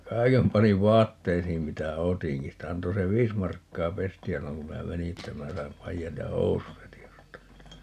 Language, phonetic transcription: Finnish, ja "kai̮kem 'paniv "vaatteisiim 'mitä "otiŋki - sitä 'anto "se "viis markkaa "pesti₍ä 'silloŋ ku 'minä "meni että 'minä saim 'paijat ja "housut 'heti ostaa .
- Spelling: ja kaiken panin vaatteisiin mitä otinkin sitä antoi se viisi markkaa pestiä silloin kun minä menin että minä sain paidat ja housut heti ostaa

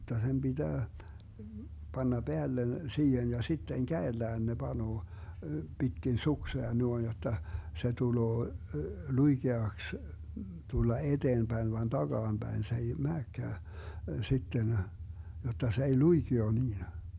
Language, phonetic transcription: Finnish, (jotta) sem 'BiDää , 'Banna 'Beällen , 'siihen ja 'sitteŋ "käellään ne 'Banoo , 'Bitkin "suksea 'nuoⁱn jotta , 'se tuloo , "luiGeaks , 'tulla 'eDeemBäin van 'DaGaamBäin se ei 'määkkää , 'sitten , 'jotta se ei "luiGio niina .
- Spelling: jotta sen pitää panna päälle siihen ja sitten kädellään ne panee pitkin suksea noin jotta se tulee luikeaksi tulla eteenpäin vaan takaapäin se ei menekään sitten jotta se ei luikea niin

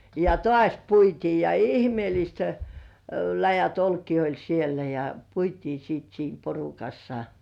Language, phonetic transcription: Finnish, ja "tŏàś 'puitii ja 'ihmĭèlist , läjät "olkii oĺ 'sielä ja , 'puitii siit 'siim "porukassa .
- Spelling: ja taas puitiin ja ihmeelliset läjät olkia oli siellä ja puitiin sitten siinä porukassa

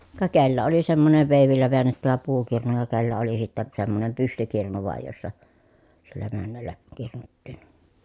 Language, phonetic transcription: Finnish, ka kellä oli semmosev vèivillä veännettävä puukirnu ja kellä oli sittä , semmonem pystykirnu vàij jossa , sillä männällä , kirnuttiin .
- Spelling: ka kenellä oli semmoisen veivillä väännettävä puukirnu ja kenellä oli sitten semmoinen pystykirnu vain jossa sillä männällä kirnuttiin

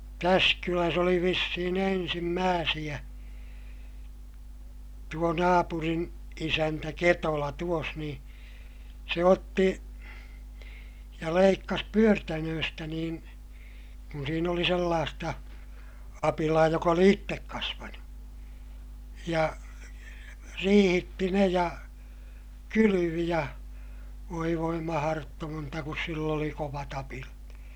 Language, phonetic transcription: Finnish, täs kyläs oli vissihin ‿ensimmääsiʲä , tuo naapurin , isäntä Ketola tuos ni , se otti , ja leikkas pyörtänööstä niin̬ , kun siin ‿oli sellaasta , apilaa jok ‿oli ittek kasvanu , ja , riihitti ne ja , kylyvi ja , voi voi maharottoonta kus sill ‿oli kovat ‿apilat .
- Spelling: tässä kylässä oli vissiin ensimmäisiä tuo naapurin isäntä Ketola tuossa niin se otti ja leikkasi pyörtänöistä niin kun siinä oli sellaista apilaa joka oli itse kasvanut ja riihitti ne ja kylvi ja voi voi mahdotonta kun sillä oli kovat apilat

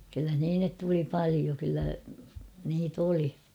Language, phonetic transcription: Finnish, kyllä (h̬innet) tuli 'palio kyllä niit ‿'oli .
- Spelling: kyllä sinne tuli paljon kyllä niitä oli

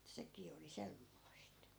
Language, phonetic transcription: Finnish, 'sekii oli 'semmoist .
- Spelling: sekin oli semmoista

